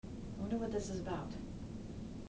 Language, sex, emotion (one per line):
English
female
fearful